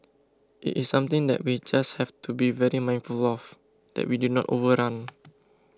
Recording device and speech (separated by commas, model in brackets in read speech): close-talking microphone (WH20), read sentence